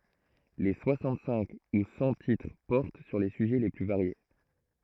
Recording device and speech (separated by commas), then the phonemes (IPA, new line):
throat microphone, read sentence
le swasɑ̃t sɛ̃k u sɑ̃ titʁ pɔʁt syʁ le syʒɛ le ply vaʁje